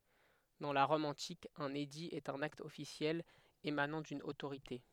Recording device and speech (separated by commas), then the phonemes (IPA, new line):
headset microphone, read sentence
dɑ̃ la ʁɔm ɑ̃tik œ̃n edi ɛt œ̃n akt ɔfisjɛl emanɑ̃ dyn otoʁite